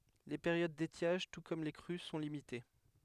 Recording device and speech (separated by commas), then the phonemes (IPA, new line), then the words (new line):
headset microphone, read sentence
le peʁjod detjaʒ tu kɔm le kʁy sɔ̃ limite
Les périodes d’étiage, tout comme les crues, sont limitées.